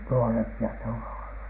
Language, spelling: Finnish, nuorempia ne on olleet
- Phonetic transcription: nuorempi₍a ne on̳ olhE .

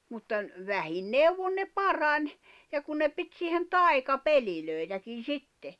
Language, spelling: Finnish, mutta - vähin neuvoin ne parani ja kun ne piti siihen taikapelejäkin sitten
- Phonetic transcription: mutta ‿n- , 'vähin 'neuwon ne "parań , ja kun ne 'pit siihen "tai̬kapelilö̀itäkin̬ "sitte .

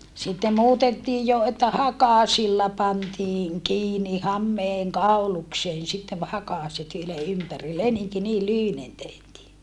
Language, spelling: Finnish, sitten muutettiin jo että hakasilla pantiin kiinni hameen kaulukseen sitten hakaset ylen ympäri leninki niin lyhyinen tehtiin
- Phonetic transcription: sitte muutettiij jo että hakàsilla pantiiŋ kiini hammeeŋ kaulukseen sittev hakàset yle ympäri leniŋki niil lyhynen tehtii .

